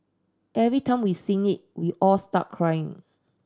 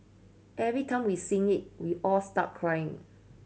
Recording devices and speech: standing microphone (AKG C214), mobile phone (Samsung C7100), read sentence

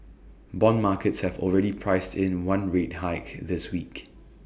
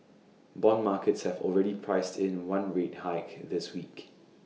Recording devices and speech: boundary microphone (BM630), mobile phone (iPhone 6), read sentence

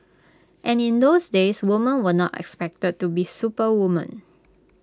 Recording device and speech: close-talking microphone (WH20), read sentence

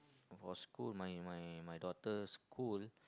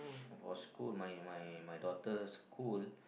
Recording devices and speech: close-talking microphone, boundary microphone, conversation in the same room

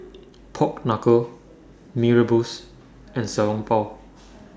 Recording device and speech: standing microphone (AKG C214), read sentence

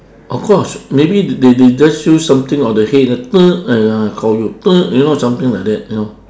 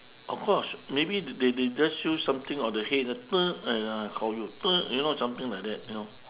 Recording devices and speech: standing microphone, telephone, conversation in separate rooms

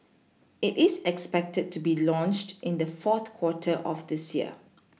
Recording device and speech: mobile phone (iPhone 6), read sentence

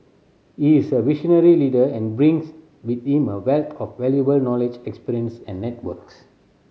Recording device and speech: mobile phone (Samsung C7100), read sentence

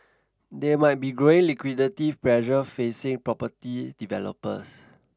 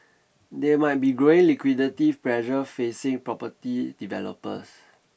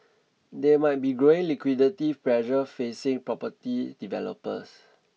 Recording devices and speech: standing microphone (AKG C214), boundary microphone (BM630), mobile phone (iPhone 6), read sentence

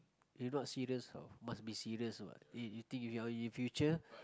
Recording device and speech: close-talking microphone, conversation in the same room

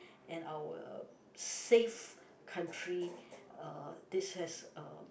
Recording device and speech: boundary microphone, conversation in the same room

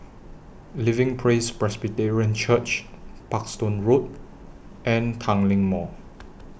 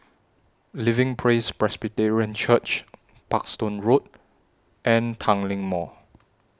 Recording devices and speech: boundary microphone (BM630), standing microphone (AKG C214), read sentence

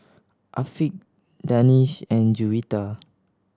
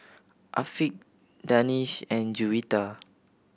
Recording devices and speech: standing microphone (AKG C214), boundary microphone (BM630), read sentence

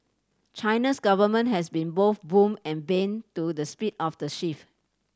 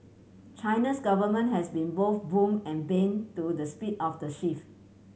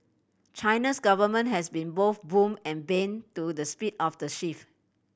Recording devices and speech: standing microphone (AKG C214), mobile phone (Samsung C7100), boundary microphone (BM630), read sentence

